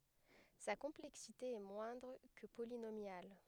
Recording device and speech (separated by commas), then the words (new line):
headset microphone, read sentence
Sa complexité est moindre que polynomiale.